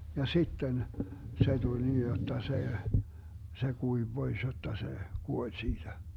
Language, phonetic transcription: Finnish, ja "sitten , 'se tuĺ 'nii jotta 'se , 'se 'kuiv "Bois jotta se , "kuoĺ 'siiDä .
- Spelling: ja sitten se tuli niin jotta se se kuivui pois jotta se kuoli siitä

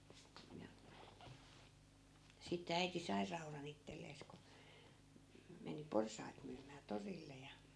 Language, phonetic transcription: Finnish, ja , sitte äiti 'sai 'rauran ‿ittellees ku , m- , meni "porsai̮t myymää 'torille ja .
- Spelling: ja sitten äiti sai raudan itselleen kun - meni porsaita myymään torille ja

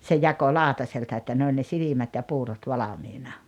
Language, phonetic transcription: Finnish, se 'jako "laaᵒtaselta että 'ne oĺ ne 'silimät ja 'puurot 'valamiina .
- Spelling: se jakoi lautaselta että ne oli ne silmät ja puurot valmiina

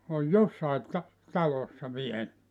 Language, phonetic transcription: Finnish, oj "jossait ta- , 'talossa 'viel .
- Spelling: on jossakin - talossa vielä

